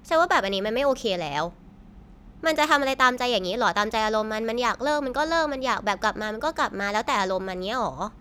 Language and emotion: Thai, frustrated